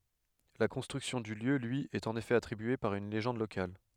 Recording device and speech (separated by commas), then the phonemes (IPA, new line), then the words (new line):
headset microphone, read sentence
la kɔ̃stʁyksjɔ̃ dy ljø lyi ɛt ɑ̃n efɛ atʁibye paʁ yn leʒɑ̃d lokal
La construction du lieu lui est en effet attribuée par une légende locale.